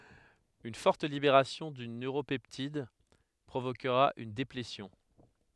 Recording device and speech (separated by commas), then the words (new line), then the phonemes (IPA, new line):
headset microphone, read sentence
Une forte libération d'une neuropeptide provoquera une déplétion.
yn fɔʁt libeʁasjɔ̃ dyn nøʁopɛptid pʁovokʁa yn deplesjɔ̃